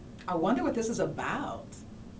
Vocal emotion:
neutral